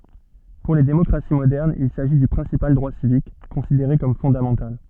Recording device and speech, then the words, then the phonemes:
soft in-ear microphone, read sentence
Pour les démocraties modernes il s'agit du principal droit civique, considéré comme fondamental.
puʁ le demɔkʁasi modɛʁnz il saʒi dy pʁɛ̃sipal dʁwa sivik kɔ̃sideʁe kɔm fɔ̃damɑ̃tal

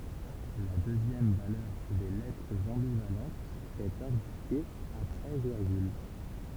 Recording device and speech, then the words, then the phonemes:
temple vibration pickup, read sentence
La deuxième valeur des lettres ambivalentes est indiquée après virgule.
la døzjɛm valœʁ de lɛtʁz ɑ̃bivalɑ̃tz ɛt ɛ̃dike apʁɛ viʁɡyl

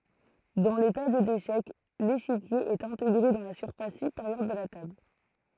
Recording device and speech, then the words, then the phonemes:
throat microphone, read sentence
Dans les tables d'échecs, l'échiquier est intégré dans la surface supérieure de la table.
dɑ̃ le tabl deʃɛk leʃikje ɛt ɛ̃teɡʁe dɑ̃ la syʁfas sypeʁjœʁ də la tabl

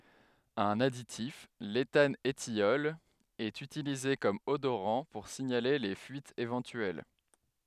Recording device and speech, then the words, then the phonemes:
headset microphone, read sentence
Un additif, l'éthanethiol, est utilisé comme odorant pour signaler les fuites éventuelles.
œ̃n aditif letanətjɔl ɛt ytilize kɔm odoʁɑ̃ puʁ siɲale le fyitz evɑ̃tyɛl

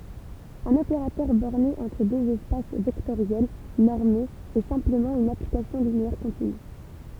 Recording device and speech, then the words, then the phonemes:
temple vibration pickup, read sentence
Un opérateur borné entre deux espaces vectoriels normés est simplement une application linéaire continue.
œ̃n opeʁatœʁ bɔʁne ɑ̃tʁ døz ɛspas vɛktoʁjɛl nɔʁmez ɛ sɛ̃pləmɑ̃ yn aplikasjɔ̃ lineɛʁ kɔ̃tiny

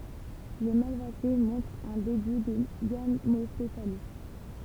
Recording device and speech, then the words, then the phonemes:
temple vibration pickup, read sentence
Les Malvacées montrent un début de gamopétalie.
le malvase mɔ̃tʁt œ̃ deby də ɡamopetali

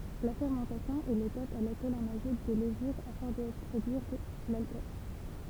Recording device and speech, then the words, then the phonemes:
temple vibration pickup, read sentence
La fermentation est l'étape à laquelle on ajoute des levures afin de produire l'alcool.
la fɛʁmɑ̃tasjɔ̃ ɛ letap a lakɛl ɔ̃n aʒut de ləvyʁ afɛ̃ də pʁodyiʁ lalkɔl

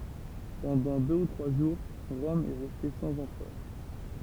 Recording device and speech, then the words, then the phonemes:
temple vibration pickup, read sentence
Pendant deux ou trois jours, Rome est restée sans empereur.
pɑ̃dɑ̃ dø u tʁwa ʒuʁ ʁɔm ɛ ʁɛste sɑ̃z ɑ̃pʁœʁ

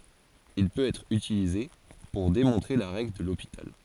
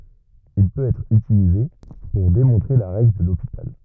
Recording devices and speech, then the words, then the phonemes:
forehead accelerometer, rigid in-ear microphone, read sentence
Il peut être utilisé pour démontrer la règle de L'Hôpital.
il pøt ɛtʁ ytilize puʁ demɔ̃tʁe la ʁɛɡl də lopital

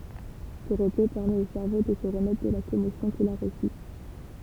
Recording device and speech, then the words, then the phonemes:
temple vibration pickup, read sentence
Ce repos permet au cerveau de se remettre de la commotion qu'il a reçue.
sə ʁəpo pɛʁmɛt o sɛʁvo də sə ʁəmɛtʁ də la kɔmosjɔ̃ kil a ʁəsy

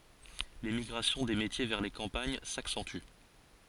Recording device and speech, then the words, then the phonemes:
forehead accelerometer, read sentence
L'émigration des métiers vers les campagnes s'accentue.
lemiɡʁasjɔ̃ de metje vɛʁ le kɑ̃paɲ saksɑ̃ty

